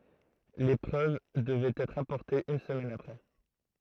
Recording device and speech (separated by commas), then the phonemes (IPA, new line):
throat microphone, read sentence
le pʁøv dəvɛt ɛtʁ apɔʁtez yn səmɛn apʁɛ